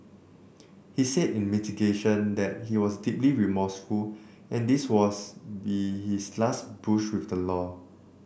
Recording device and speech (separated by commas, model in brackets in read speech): boundary microphone (BM630), read sentence